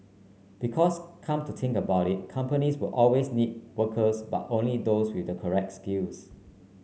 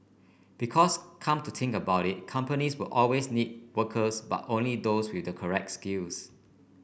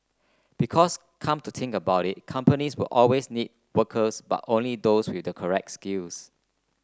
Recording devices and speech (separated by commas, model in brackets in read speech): mobile phone (Samsung C9), boundary microphone (BM630), close-talking microphone (WH30), read sentence